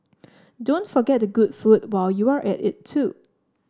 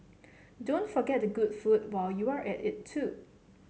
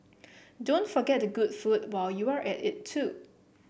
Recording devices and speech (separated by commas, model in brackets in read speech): standing microphone (AKG C214), mobile phone (Samsung C7), boundary microphone (BM630), read sentence